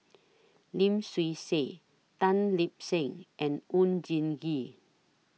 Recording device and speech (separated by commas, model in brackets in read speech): mobile phone (iPhone 6), read sentence